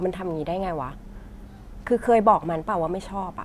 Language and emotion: Thai, frustrated